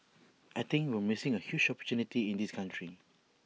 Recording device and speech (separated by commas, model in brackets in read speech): mobile phone (iPhone 6), read sentence